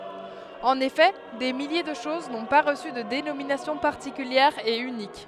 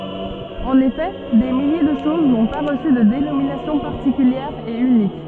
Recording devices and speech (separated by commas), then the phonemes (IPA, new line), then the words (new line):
headset microphone, soft in-ear microphone, read sentence
ɑ̃n efɛ de milje də ʃoz nɔ̃ pa ʁəsy də denominasjɔ̃ paʁtikyljɛʁ e ynik
En effet, des milliers de choses n'ont pas reçu de dénomination particulière et unique.